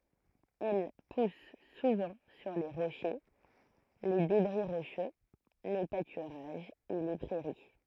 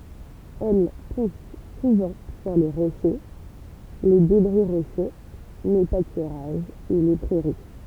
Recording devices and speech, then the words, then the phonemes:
throat microphone, temple vibration pickup, read sentence
Elle pousse souvent sur les rochers, les débris rocheux, les pâturages et les prairies.
ɛl pus suvɑ̃ syʁ le ʁoʃe le debʁi ʁoʃø le patyʁaʒz e le pʁɛʁi

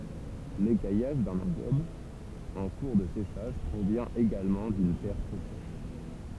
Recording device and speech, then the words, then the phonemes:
temple vibration pickup, read sentence
L'écaillage d'un engobe en cours de séchage provient également d'une terre trop sèche.
lekajaʒ dœ̃n ɑ̃ɡɔb ɑ̃ kuʁ də seʃaʒ pʁovjɛ̃ eɡalmɑ̃ dyn tɛʁ tʁo sɛʃ

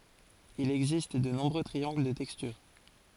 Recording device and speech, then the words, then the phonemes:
forehead accelerometer, read sentence
Il existe de nombreux triangles de texture.
il ɛɡzist də nɔ̃bʁø tʁiɑ̃ɡl də tɛkstyʁ

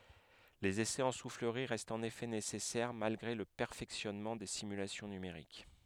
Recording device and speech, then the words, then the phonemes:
headset microphone, read sentence
Les essais en soufflerie restent en effet nécessaires, malgré le perfectionnement des simulations numériques.
lez esɛz ɑ̃ sufləʁi ʁɛstt ɑ̃n efɛ nesɛsɛʁ malɡʁe lə pɛʁfɛksjɔnmɑ̃ de simylasjɔ̃ nymeʁik

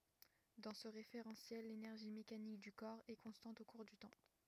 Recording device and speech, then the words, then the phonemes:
rigid in-ear microphone, read sentence
Dans ce référentiel l'énergie mécanique du corps est constante au cours du temps.
dɑ̃ sə ʁefeʁɑ̃sjɛl lenɛʁʒi mekanik dy kɔʁ ɛ kɔ̃stɑ̃t o kuʁ dy tɑ̃

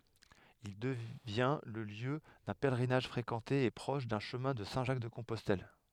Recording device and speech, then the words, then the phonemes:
headset microphone, read sentence
Il devient le lieu d’un pèlerinage fréquenté et proche d’un chemin de Saint-Jacques-de-Compostelle.
il dəvjɛ̃ lə ljø dœ̃ pɛlʁinaʒ fʁekɑ̃te e pʁɔʃ dœ̃ ʃəmɛ̃ də sɛ̃ ʒak də kɔ̃pɔstɛl

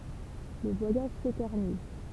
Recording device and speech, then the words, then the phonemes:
temple vibration pickup, read sentence
Le voyage s'éternise.
lə vwajaʒ setɛʁniz

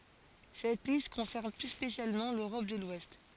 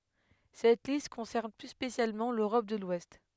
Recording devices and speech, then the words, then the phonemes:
forehead accelerometer, headset microphone, read sentence
Cette liste concerne plus spécialement l'Europe de l'Ouest.
sɛt list kɔ̃sɛʁn ply spesjalmɑ̃ løʁɔp də lwɛst

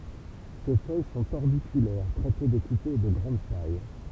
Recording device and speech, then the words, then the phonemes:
temple vibration pickup, read sentence
Ses feuilles sont orbiculaires, très peu découpées et de grande taille.
se fœj sɔ̃t ɔʁbikylɛʁ tʁɛ pø dekupez e də ɡʁɑ̃d taj

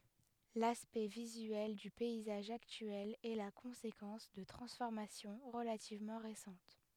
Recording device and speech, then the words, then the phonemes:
headset microphone, read sentence
L'aspect visuel du paysage actuel est la conséquence de transformations relativement récentes.
laspɛkt vizyɛl dy pɛizaʒ aktyɛl ɛ la kɔ̃sekɑ̃s də tʁɑ̃sfɔʁmasjɔ̃ ʁəlativmɑ̃ ʁesɑ̃t

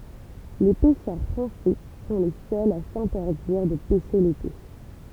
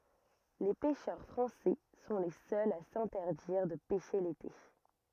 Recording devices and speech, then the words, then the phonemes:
temple vibration pickup, rigid in-ear microphone, read sentence
Les pêcheurs français sont les seuls à s'interdire de pêcher l'été.
le pɛʃœʁ fʁɑ̃sɛ sɔ̃ le sœlz a sɛ̃tɛʁdiʁ də pɛʃe lete

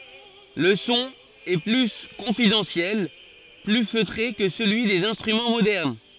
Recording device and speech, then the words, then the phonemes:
forehead accelerometer, read sentence
Le son est plus confidentiel, plus feutré que celui des instruments modernes.
lə sɔ̃ ɛ ply kɔ̃fidɑ̃sjɛl ply føtʁe kə səlyi dez ɛ̃stʁymɑ̃ modɛʁn

